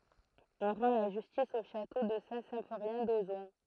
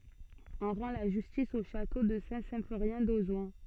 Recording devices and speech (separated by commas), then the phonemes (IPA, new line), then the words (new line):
throat microphone, soft in-ear microphone, read sentence
ɔ̃ ʁɑ̃ la ʒystis o ʃato də sɛ̃tsɛ̃foʁjɛ̃ dozɔ̃
On rend la justice au château de Saint-Symphorien d'Ozon.